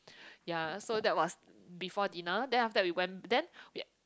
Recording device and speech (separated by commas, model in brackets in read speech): close-talking microphone, conversation in the same room